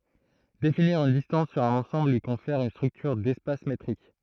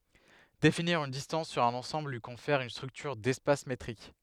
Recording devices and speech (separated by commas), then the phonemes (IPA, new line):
throat microphone, headset microphone, read sentence
definiʁ yn distɑ̃s syʁ œ̃n ɑ̃sɑ̃bl lyi kɔ̃fɛʁ yn stʁyktyʁ dɛspas metʁik